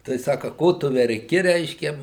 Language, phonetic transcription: Lithuanian, tai ˈsaka ˈko tu verˈki ˈreiškia

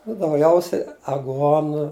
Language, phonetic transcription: Lithuanian, nu dauˈgiausiai aˈguonu

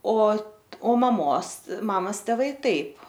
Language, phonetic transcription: Lithuanian, o ˈo maˈmos ˈmamas teˈvai ˈtaip

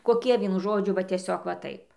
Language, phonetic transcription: Lithuanian, koˈkie ˈvienu ˈžodžiu va tieˈsiog va ˈtaip

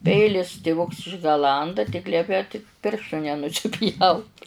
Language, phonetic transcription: Lithuanian, ˈpeilis tiˈvuks išgaˈlanda tik ˈliepia tik ˈpirštų nenusiˈpjaut

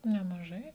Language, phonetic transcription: Lithuanian, nemaˈžai

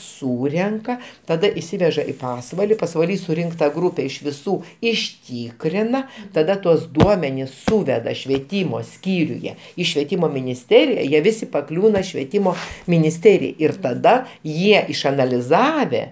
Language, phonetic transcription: Lithuanian, ˈsūrenka taˈda išˈsiveža i ˈpasvali pasvaˈly suˈrinkta ˈgrūpe iš viˈsų išˈtykrina taˈda tuos ˈduomenis ˈsūveda švieˈtymo ˈskyriuje ˈį švieˈtymo minisˈterija ˈjie ˈvisi paˈkliūna švieˈtymo minisˈterijai ir taˈda ˈjie išanaliˈzave

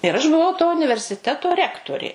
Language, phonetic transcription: Lithuanian, ir aš buˈvau to universiˈteto ˈrektorė

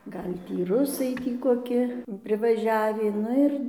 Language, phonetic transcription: Lithuanian, ˈgal' ˈtį ˈrusai ˈtį koˈki privaˈžiavį ˈnu ir

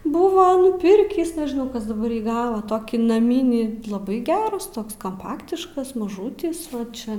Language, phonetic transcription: Lithuanian, ˈbuva nuˈpirkįs nežiˈnau ˈkas daˈbar jį ˈgava ˈtokį naˈmynį laˈbai ˈgeras ˈtoks kamˈpaktiškas maˈžūtis ˈvat ˈčia

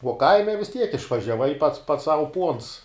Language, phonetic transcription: Lithuanian, uo ˈkaime vis tiek išvažiaˈvai pats pats sau puons

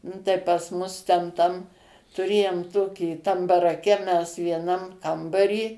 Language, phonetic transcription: Lithuanian, ˈnu tai pas ˈmus ten ˈtam tuˈrėjom ˈtokį tam baraˈke mes vieˈnam ˈkambarį

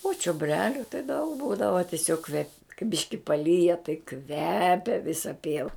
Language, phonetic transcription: Lithuanian, o čioˈbreliu tai daug ˈbūdava tiˈsiog kvep kai ˈbiški paˈlyja tai ˈkvepia ˈvisa ˈpieva

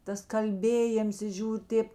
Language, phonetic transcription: Lithuanian, ˈtas ˈkalbėjėms i ˈžiūr' ˈtėp

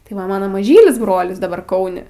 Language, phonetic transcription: Lithuanian, tai ˈva ˈmano maˈžylis ˈbrolis daˈbar ˈkauni

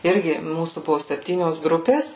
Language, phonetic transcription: Lithuanian, ˈirgi ˈmūsų ˈbuvo sepˈtynios ˈgrupės

